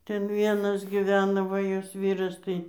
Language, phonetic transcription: Lithuanian, ˈten ˈvienas giˈvena ˈva ˈjos ˈvyras tai

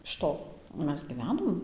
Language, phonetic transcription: Lithuanian, iš ˈto ˈmes gyˈvenom

